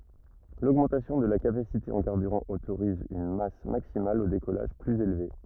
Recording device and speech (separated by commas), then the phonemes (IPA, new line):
rigid in-ear microphone, read sentence
loɡmɑ̃tasjɔ̃ də la kapasite ɑ̃ kaʁbyʁɑ̃ otoʁiz yn mas maksimal o dekɔlaʒ plyz elve